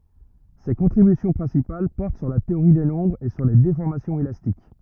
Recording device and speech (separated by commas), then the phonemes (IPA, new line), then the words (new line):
rigid in-ear microphone, read sentence
se kɔ̃tʁibysjɔ̃ pʁɛ̃sipal pɔʁt syʁ la teoʁi de nɔ̃bʁz e syʁ le defɔʁmasjɔ̃z elastik
Ses contributions principales portent sur la théorie des nombres et sur les déformations élastiques.